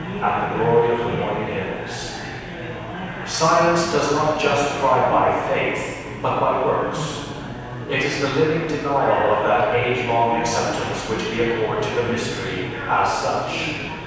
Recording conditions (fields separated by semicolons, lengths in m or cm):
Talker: one person; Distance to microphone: 7.1 m; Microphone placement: far; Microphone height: 1.7 m; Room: very reverberant, large; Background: babble